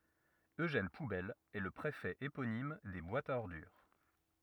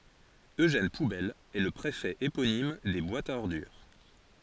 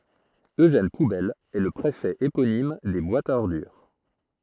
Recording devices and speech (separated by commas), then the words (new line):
rigid in-ear microphone, forehead accelerometer, throat microphone, read sentence
Eugène Poubelle est le préfet éponyme des boîtes à ordures.